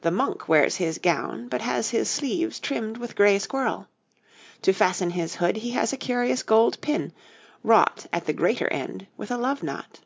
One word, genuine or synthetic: genuine